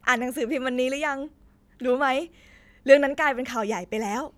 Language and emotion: Thai, happy